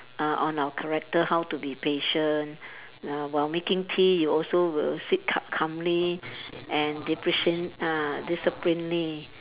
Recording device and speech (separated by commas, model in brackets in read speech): telephone, conversation in separate rooms